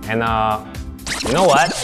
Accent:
Korean accent